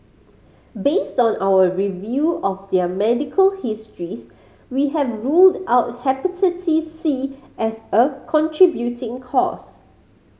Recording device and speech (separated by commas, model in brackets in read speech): mobile phone (Samsung C5010), read sentence